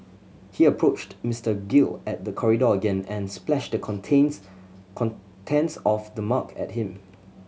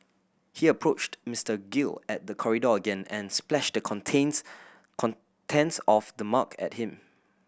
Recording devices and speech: mobile phone (Samsung C7100), boundary microphone (BM630), read sentence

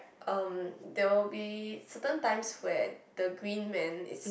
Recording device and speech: boundary microphone, conversation in the same room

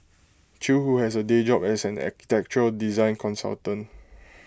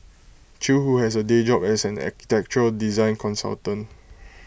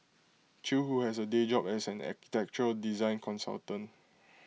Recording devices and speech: close-talking microphone (WH20), boundary microphone (BM630), mobile phone (iPhone 6), read sentence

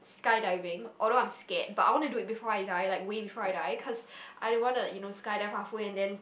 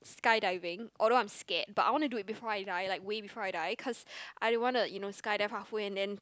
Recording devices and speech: boundary microphone, close-talking microphone, conversation in the same room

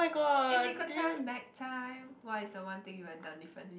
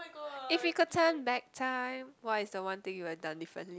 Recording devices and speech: boundary microphone, close-talking microphone, conversation in the same room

